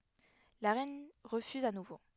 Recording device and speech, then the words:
headset microphone, read sentence
La reine refuse à nouveau.

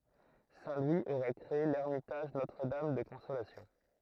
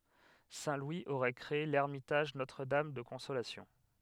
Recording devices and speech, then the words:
throat microphone, headset microphone, read sentence
Saint Louis aurait créé l'Ermitage Notre-Dame de Consolation.

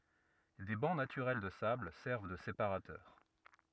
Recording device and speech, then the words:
rigid in-ear microphone, read sentence
Des bancs naturels de sable servent de séparateurs.

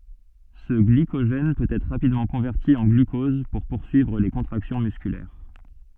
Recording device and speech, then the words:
soft in-ear microphone, read sentence
Ce glycogène peut être rapidement converti en glucose pour poursuivre les contractions musculaires.

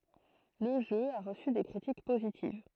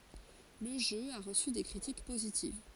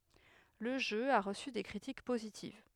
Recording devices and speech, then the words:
throat microphone, forehead accelerometer, headset microphone, read sentence
Le jeu a reçu des critiques positives.

